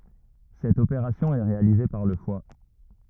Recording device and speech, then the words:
rigid in-ear microphone, read sentence
Cette opération est réalisée par le foie.

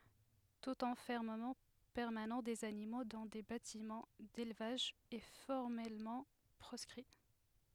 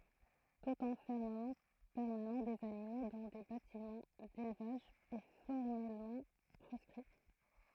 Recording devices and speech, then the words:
headset microphone, throat microphone, read sentence
Tout enfermement permanent des animaux dans des bâtiments d'élevage est formellement proscrit.

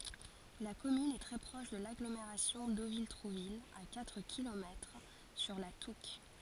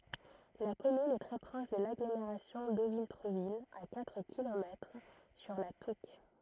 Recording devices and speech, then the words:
forehead accelerometer, throat microphone, read sentence
La commune est très proche de l'agglomération Deauville-Trouville, à quatre kilomètres, sur la Touques.

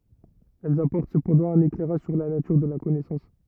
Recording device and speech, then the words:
rigid in-ear microphone, read sentence
Elles apportent cependant un éclairage sur la nature de la connaissance.

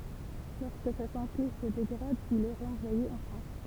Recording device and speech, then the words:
temple vibration pickup, read sentence
Lorsque sa santé se dégrade, il est renvoyé en France.

